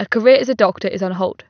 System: none